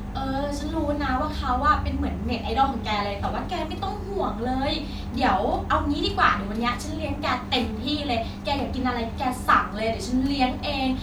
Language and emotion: Thai, neutral